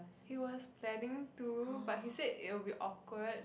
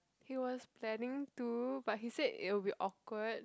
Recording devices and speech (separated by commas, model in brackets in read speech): boundary microphone, close-talking microphone, conversation in the same room